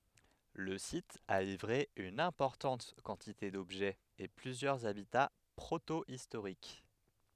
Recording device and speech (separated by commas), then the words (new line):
headset microphone, read sentence
Le site a livré une importante quantité d'objets et plusieurs habitats protohistoriques.